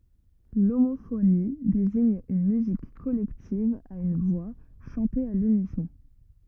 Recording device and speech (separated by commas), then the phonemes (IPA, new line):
rigid in-ear microphone, read sentence
lomofoni deziɲ yn myzik kɔlɛktiv a yn vwa ʃɑ̃te a lynisɔ̃